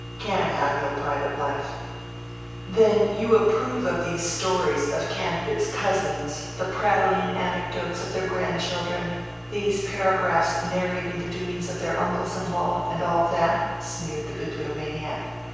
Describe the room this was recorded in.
A big, very reverberant room.